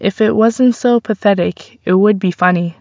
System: none